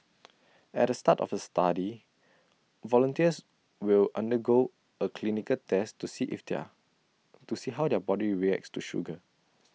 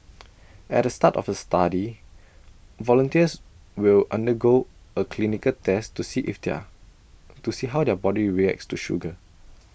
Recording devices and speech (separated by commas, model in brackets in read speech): mobile phone (iPhone 6), boundary microphone (BM630), read sentence